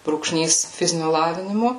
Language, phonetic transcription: Lithuanian, brūkˈšnys ˈfiziniu ˈlavinimu

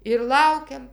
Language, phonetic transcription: Lithuanian, ir ˈlaukiam

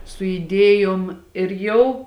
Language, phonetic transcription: Lithuanian, su iˈdėjom ir ˈjau

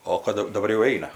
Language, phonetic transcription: Lithuanian, ˈo kad daˈbar jau ˈeina

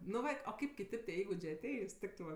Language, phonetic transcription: Lithuanian, nu ˈva o ˈkaip kiˈtėp tie ˈįgudžė aˈteis ˈtiktɜ va

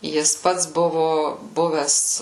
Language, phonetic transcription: Lithuanian, ˈjis ˈpats ˈbuvu ˈbuves

